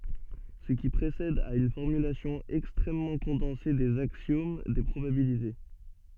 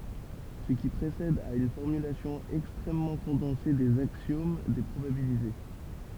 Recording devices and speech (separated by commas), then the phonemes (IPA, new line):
soft in-ear microphone, temple vibration pickup, read sentence
sə ki pʁesɛd ɛt yn fɔʁmylasjɔ̃ ɛkstʁɛmmɑ̃ kɔ̃dɑ̃se dez aksjom de pʁobabilite